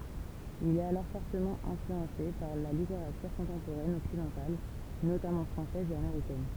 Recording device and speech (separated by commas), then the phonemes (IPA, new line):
temple vibration pickup, read sentence
il ɛt alɔʁ fɔʁtəmɑ̃ ɛ̃flyɑ̃se paʁ la liteʁatyʁ kɔ̃tɑ̃poʁɛn ɔksidɑ̃tal notamɑ̃ fʁɑ̃sɛz e ameʁikɛn